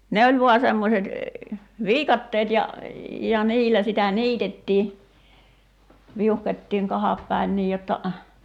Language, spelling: Finnish, ne oli vain semmoiset viikatteet ja ja niillä sitä niitettiin viuhkottiin kahda päin niin jotta
- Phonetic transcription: 'ne oĺ 'vua semmoset , "viikatteet ja , ja "niilä sitä "niitettii , 'viuhkot́tiiŋ 'kahap päin 'niij jotta ,.

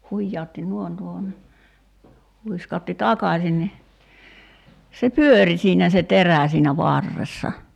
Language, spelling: Finnish, hujautti noin tuohon niin huiskautti takaisin niin se pyöri siinä se terä siinä varressa
- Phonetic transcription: 'huijjaotti "nuoⁱn tuohon ni , 'huiskaotti "takaśin ni , se "pyöri siinä se "terä̀ siinä 'varressa .

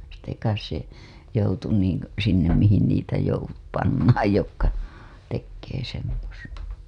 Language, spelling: Finnish, sitten kai se joutui niin - sinne mihin niitä - pannaan jotka tekee semmoista
- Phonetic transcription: sitte kais se , joutu niiŋ k- , sinnem mihin niitä jou- , 'pannaaj jokka , tekkee semmos(ta) .

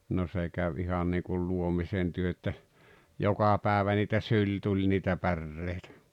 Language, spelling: Finnish, no se kävi ihan niin kuin luomisentyö että joka päivä niitä syli tuli niitä päreitä
- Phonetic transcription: no 'se käv 'ihan niikul 'luomisentyö että , 'joka 'pä̀evä niitä "syĺ 'tuĺ niitä "pärrèitᴀ̈ .

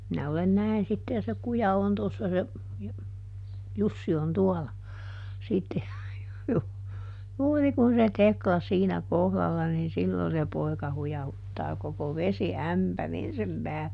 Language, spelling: Finnish, minä olen näin sitten ja se kuja on tuossa se ja Jussi on tuolla sitten - juuri kun se Tekla siinä kohdalla niin silloin se poika hujauttaa koko vesiämpärin sen päälle
- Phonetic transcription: minä olen ˈnäin sitte ja se ˈkuja on ˈtossa se , ja , ˈJussi on ˈtuɔla , ˈsitte , ju- , ˈjuuri kun se "Tekla ˈsiinä "kohlalla niin ˈsillo se ˈpoi̮ka ˈhujahuttaa koko "vesi"ämpärin sem ˈpäälle .

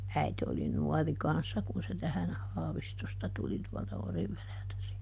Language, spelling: Finnish, äiti oli nuori kanssa kun se tähän Haavistosta tuli tuolta Orivedeltä siihen
- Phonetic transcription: ˈäite oli "nuɔri kanssa kun se ˈtähän , ˈHaavistosta ˈtuli tuɔlta ˈOrivveleltä (siihe) .

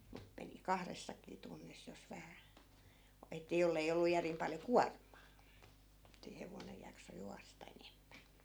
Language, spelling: Finnish, mutta meni kahdessakin tunnissa jos vähän - että jos ei ollut järin paljon kuormaa että hevonen jaksoi juosta enemmän
- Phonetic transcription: mu(t) meni "kahressakii 'tunnis jos 'vähä , o- , ettᵃ̈ 'jollei ollu 'järim paljo "kuarm̆maa , että 'hevonej jakso 'juasta 'enemmä .

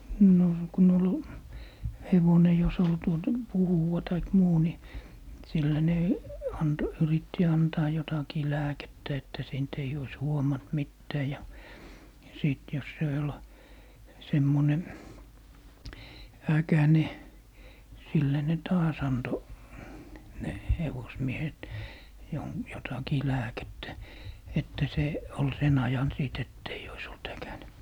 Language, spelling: Finnish, no kun oli hevonen jos oli tuota puhuva tai muu niin sillä ne - yritti antaa jotakin lääkettä että siitä ei olisi huomannut mitään ja sitten jos se oli semmoinen äkäinen sillä ne taas antoi ne hevosmiehet - jotakin lääkettä että se oli sen ajan sitten että ei olisi ollut äkäinen
- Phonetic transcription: no ku'n ‿ol , 'hevone jos ‿ol tuotᵃ , "puhuva taik 'muu ni , 'sillä ne , 'ant- , 'yritti "antaa jotakii 'lääkettä että 'siint eij ‿ois "huomant 'mittää ja , 'sìt jos se ol , 'semmone , "äkäne , 'sillä ne "taas 'anto , 'ne , "hevosmiehet , jon - jotakii 'lääkettä , että 'se , ol 'sen ‿ajan 'sìt ett ‿eij ‿ois olt 'äkäne .

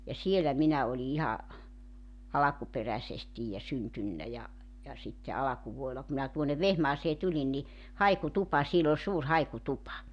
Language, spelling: Finnish, ja siellä minä olin ihan alkuperäisesti ja syntynyt ja ja sitten alkuvuodella kun minä tuonne Vehmaaseen tulin niin haikutupa siellä oli suuri haikutupa
- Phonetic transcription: ja 'sielä 'minä oli 'iha , 'alakuperäsestij ja 'syntynnä ja , ja sitte 'alakuvuo₍ela ku minä tuon̆nev 'Vehmaasee 'tulin ni , 'haikutupa siel ‿ol 'suur 'haikutupa .

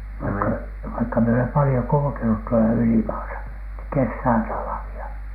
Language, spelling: Finnish, vaikka vaikka minä olen paljon kulkenut tuolla ylimaassa kesää talvia
- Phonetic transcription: vaikka , vaikka mie olem 'palⁱjo 'kulᵘkenut tuola "ylimaasa , 'kessää 'talavi₍a .

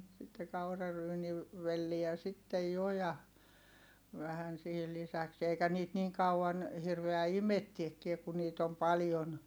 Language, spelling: Finnish, sitten - kauraryynivelliä sitten jo ja vähän siihen lisäksi eikä niitä niin kauan hirveä imettääkään kun niitä on paljon
- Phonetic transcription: sitte kauraryyni- , velliä sittej jo ja , vähän sihil lisäks - eikä niit niiŋ kau₍an , hirveä imettiekkie ku niit ‿om paljon .

